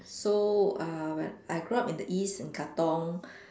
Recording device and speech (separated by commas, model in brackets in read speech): standing microphone, conversation in separate rooms